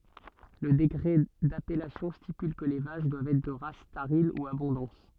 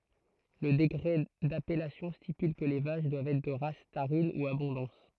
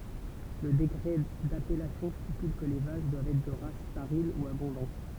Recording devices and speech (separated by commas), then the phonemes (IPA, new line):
soft in-ear microphone, throat microphone, temple vibration pickup, read sentence
lə dekʁɛ dapɛlasjɔ̃ stipyl kə le vaʃ dwavt ɛtʁ də ʁas taʁin u abɔ̃dɑ̃s